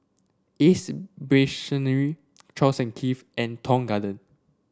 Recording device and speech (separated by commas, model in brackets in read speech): standing microphone (AKG C214), read sentence